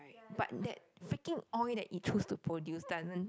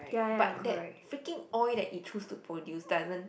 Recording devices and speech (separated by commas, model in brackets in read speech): close-talking microphone, boundary microphone, conversation in the same room